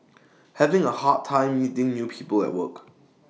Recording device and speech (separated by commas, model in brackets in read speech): mobile phone (iPhone 6), read sentence